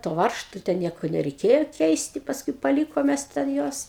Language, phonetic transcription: Lithuanian, to ˈvaržtu ten ˈnieko nereiˈkėjo ˈkeisti pasˈkui paˈlykom ˈmes ten ˈjuos

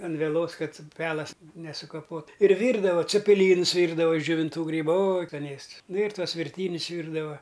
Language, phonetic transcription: Lithuanian, an veˈlos ˈkad ˈpelas nesukaˈpot ir ˈvyrdavo cepiˈlynus ˈvyrdava iš džiovinˈtų ˈgrybu o oj skaˈnėsts nu ir ˈtuos virˈtynius ˈvyrdava

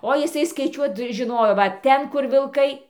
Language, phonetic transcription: Lithuanian, o jiˈsai skaiˈčiuot žiˈnojo va ˈten ˈkur vilˈkai

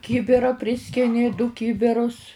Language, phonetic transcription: Lithuanian, ˈkibira ˈpriskini du ˈkibirus

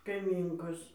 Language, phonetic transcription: Lithuanian, kaiˈmynkos

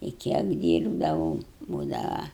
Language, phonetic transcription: Lithuanian, i ˈkiek ˈdyrbdavau ˈbūdava

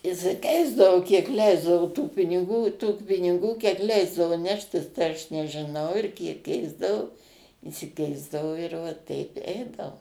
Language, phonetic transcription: Lithuanian, išsiˈkeisdavo kiek ˈleisdavo tų piniˈgų tų piniˈgų kiek ˈleisdavu ˈneštis tai ˈaš nežiˈnau ir ˈkiek ˈkeisdavo išsiˈkeisdavo ir va ˈteip ˈeidavo

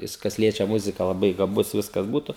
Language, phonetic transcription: Lithuanian, ˈjis kas ˈliečia ˈmuzika laˈbai gaˈbus ˈviskas ˈbūtu

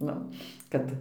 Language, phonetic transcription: Lithuanian, ˈnu ˈkad

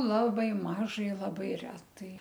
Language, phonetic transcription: Lithuanian, ˈlabai ˈmažai ˈlabai ˈretai

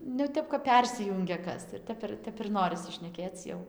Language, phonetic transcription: Lithuanian, nu jau ˈtep kap ˈpersijungia ˈkas ir ˈtep ˈtep ir ˈnorisi šneˈkėc ˈjau

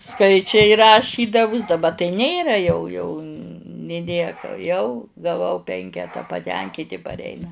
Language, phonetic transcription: Lithuanian, ˈskaičiai raˈšydavus daˈba tai ˈnėra jau jau nė ˈnieka jau gaˈvau ˈpenketa paˈtenkyti parˈeina

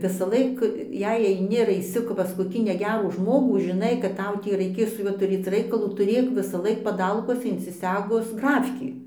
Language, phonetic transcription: Lithuanian, visaˈlaik ˈjei aiˈni ar aiˈsi pas koˈkį neˈgerų ˈžmogų žiˈnai kad ˈtau ˈtį raiˈkės su ˈjuo tuˈrėc ˈraikalų tuˈrėk visaˈlaik paˈdalkuose insiˈsegus ˈgrafkį

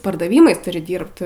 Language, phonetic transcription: Lithuanian, pardaˈvymais ˈturi ˈdyrbt

